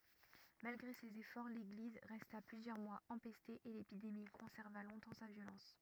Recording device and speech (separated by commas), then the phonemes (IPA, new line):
rigid in-ear microphone, read sentence
malɡʁe sez efɔʁ leɡliz ʁɛsta plyzjœʁ mwaz ɑ̃pɛste e lepidemi kɔ̃sɛʁva lɔ̃tɑ̃ sa vjolɑ̃s